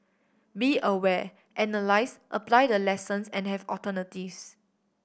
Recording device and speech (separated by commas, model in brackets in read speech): boundary microphone (BM630), read sentence